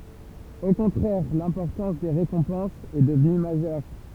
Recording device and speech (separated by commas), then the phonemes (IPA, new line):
temple vibration pickup, read sentence
o kɔ̃tʁɛʁ lɛ̃pɔʁtɑ̃s de ʁekɔ̃pɑ̃sz ɛ dəvny maʒœʁ